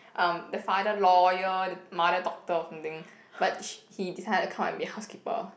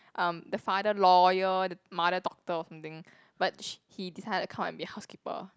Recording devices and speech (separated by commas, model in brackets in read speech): boundary microphone, close-talking microphone, conversation in the same room